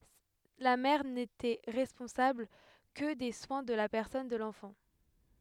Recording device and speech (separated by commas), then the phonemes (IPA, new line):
headset microphone, read sentence
la mɛʁ netɛ ʁɛspɔ̃sabl kə de swɛ̃ də la pɛʁsɔn də lɑ̃fɑ̃